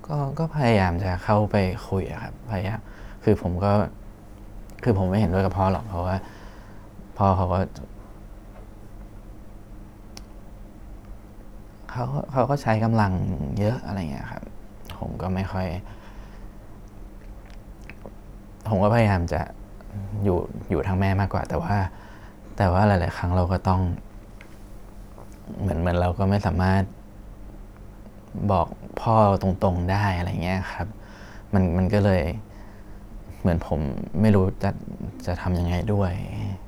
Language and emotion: Thai, frustrated